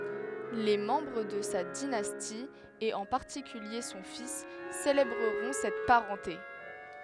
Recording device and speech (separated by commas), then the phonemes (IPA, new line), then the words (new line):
headset microphone, read sentence
le mɑ̃bʁ də sa dinasti e ɑ̃ paʁtikylje sɔ̃ fis selebʁəʁɔ̃ sɛt paʁɑ̃te
Les membres de sa dynastie et en particulier son fils célébreront cette parenté.